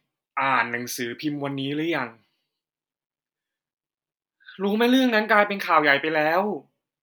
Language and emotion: Thai, frustrated